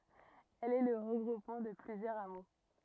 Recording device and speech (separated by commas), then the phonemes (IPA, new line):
rigid in-ear microphone, read sentence
ɛl ɛ lə ʁəɡʁupmɑ̃ də plyzjœʁz amo